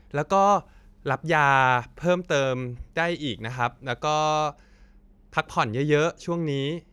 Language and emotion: Thai, neutral